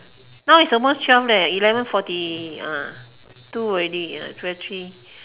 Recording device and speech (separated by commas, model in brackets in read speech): telephone, conversation in separate rooms